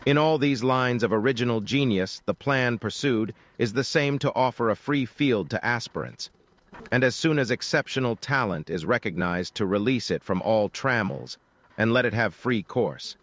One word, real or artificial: artificial